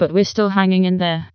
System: TTS, vocoder